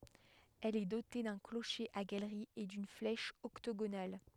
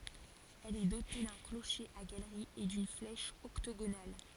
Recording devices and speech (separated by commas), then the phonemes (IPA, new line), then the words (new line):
headset microphone, forehead accelerometer, read sentence
ɛl ɛ dote dœ̃ kloʃe a ɡalʁi e dyn flɛʃ ɔktoɡonal
Elle est dotée d'un clocher à galerie et d'une flèche octogonale.